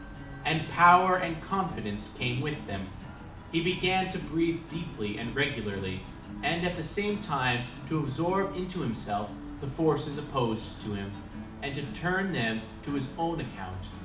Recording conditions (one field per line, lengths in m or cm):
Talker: one person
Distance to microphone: 2.0 m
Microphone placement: close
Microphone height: 99 cm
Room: medium-sized (5.7 m by 4.0 m)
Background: music